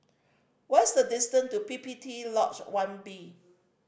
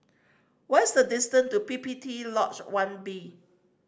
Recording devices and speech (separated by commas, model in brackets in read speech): boundary microphone (BM630), standing microphone (AKG C214), read sentence